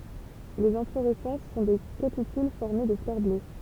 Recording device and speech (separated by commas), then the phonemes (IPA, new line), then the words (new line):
temple vibration pickup, read sentence
lez ɛ̃floʁɛsɑ̃s sɔ̃ de kapityl fɔʁme də flœʁ blø
Les inflorescences sont des capitules formés de fleurs bleues.